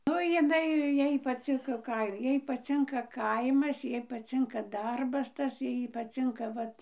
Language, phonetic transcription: Lithuanian, ˈnu jiˈnai ˈjai paˈcinka ˈkai ˈjai paˈcinka ˈkaimas ˈjai paˈcinka ˈdarbas ˈtas ˈjai paˈcinka ˈvat

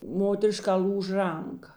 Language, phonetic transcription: Lithuanian, ˈmoteriˌškā ˈl'ūž ˈranˌka

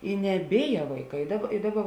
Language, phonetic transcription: Lithuanian, i neˈbėja vaiˈkai i ˈdaˌba i ˈdaˌba

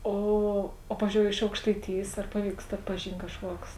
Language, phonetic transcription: Lithuanian, ˈo o ˈpavizdžiou iš aukštaiˈtijės ar ˈpaˌvykst atpaˈžyn't' kažˈkuoks

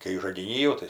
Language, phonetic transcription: Lithuanian, kai žagiˈny jau tai

